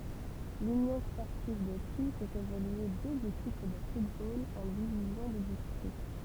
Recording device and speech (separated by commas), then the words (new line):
temple vibration pickup, read sentence
L'Union sportive d'Authie fait évoluer deux équipes de football en divisions de district.